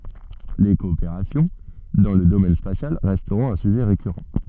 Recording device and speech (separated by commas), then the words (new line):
soft in-ear microphone, read sentence
Les coopérations dans le domaine spatial resteront un sujet récurrent.